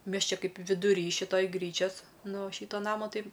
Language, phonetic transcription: Lithuanian, ˈmes ˈčia ˈkaip viduˈry šiˈtoj ˈgryčias ˈnu ˈšyto ˈnamo ˈtai

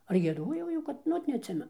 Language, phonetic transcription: Lithuanian, ar gieˈdojau ˈjau ˈkad nu ˈot neatˈsimenu

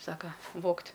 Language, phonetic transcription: Lithuanian, ˈsaka ˈvogt'

